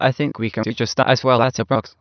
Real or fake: fake